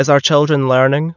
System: none